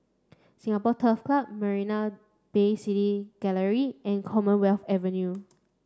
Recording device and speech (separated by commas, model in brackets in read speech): standing microphone (AKG C214), read sentence